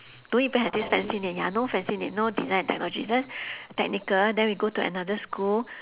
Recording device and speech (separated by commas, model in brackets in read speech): telephone, conversation in separate rooms